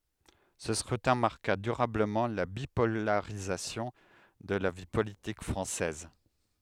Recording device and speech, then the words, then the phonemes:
headset microphone, read sentence
Ce scrutin marqua durablement la bipolarisation de la vie politique française.
sə skʁytɛ̃ maʁka dyʁabləmɑ̃ la bipolaʁizasjɔ̃ də la vi politik fʁɑ̃sɛz

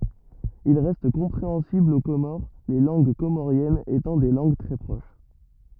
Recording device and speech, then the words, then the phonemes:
rigid in-ear microphone, read sentence
Il reste compréhensible aux Comores, les langues comoriennes étant des langues très proches.
il ʁɛst kɔ̃pʁeɑ̃sibl o komoʁ le lɑ̃ɡ komoʁjɛnz etɑ̃ de lɑ̃ɡ tʁɛ pʁoʃ

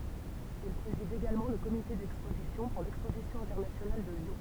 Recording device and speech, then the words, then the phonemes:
temple vibration pickup, read sentence
Il préside également le comité d'exposition pour l'Exposition internationale de Lyon.
il pʁezid eɡalmɑ̃ lə komite dɛkspozisjɔ̃ puʁ lɛkspozisjɔ̃ ɛ̃tɛʁnasjonal də ljɔ̃

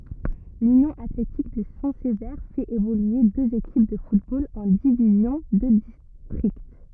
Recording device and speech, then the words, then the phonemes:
rigid in-ear microphone, read sentence
L'Union athlétique de Saint-Sever fait évoluer deux équipes de football en divisions de district.
lynjɔ̃ atletik də sɛ̃ səve fɛt evolye døz ekip də futbol ɑ̃ divizjɔ̃ də distʁikt

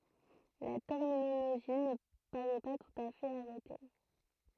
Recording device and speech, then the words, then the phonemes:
throat microphone, read sentence
La terminologie ne paraît pas tout à fait arrêtée.
la tɛʁminoloʒi nə paʁɛ pa tut a fɛt aʁɛte

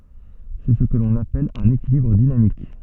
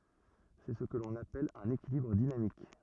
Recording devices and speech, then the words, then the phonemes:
soft in-ear microphone, rigid in-ear microphone, read sentence
C'est ce que l'on appelle un équilibre dynamique.
sɛ sə kə lɔ̃n apɛl œ̃n ekilibʁ dinamik

